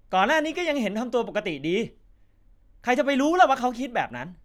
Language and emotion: Thai, frustrated